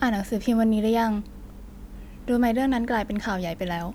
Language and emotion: Thai, neutral